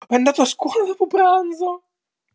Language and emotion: Italian, fearful